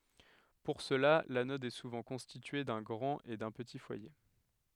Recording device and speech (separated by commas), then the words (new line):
headset microphone, read sentence
Pour cela, l'anode est souvent constituée d'un grand et d'un petit foyer.